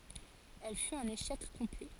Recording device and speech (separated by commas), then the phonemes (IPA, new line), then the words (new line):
forehead accelerometer, read sentence
ɛl fyt œ̃n eʃɛk kɔ̃plɛ
Elle fut un échec complet.